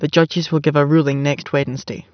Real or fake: real